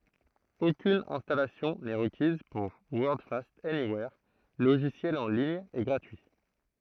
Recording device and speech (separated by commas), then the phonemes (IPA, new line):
throat microphone, read sentence
okyn ɛ̃stalasjɔ̃ nɛ ʁəkiz puʁ wɔʁdfast ɛniwɛʁ loʒisjɛl ɑ̃ liɲ e ɡʁatyi